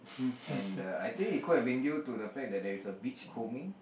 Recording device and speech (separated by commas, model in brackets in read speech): boundary microphone, conversation in the same room